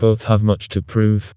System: TTS, vocoder